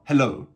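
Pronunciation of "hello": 'hello' is pronounced incorrectly here.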